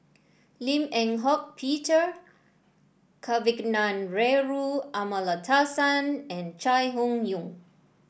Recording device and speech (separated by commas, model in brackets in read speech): boundary microphone (BM630), read sentence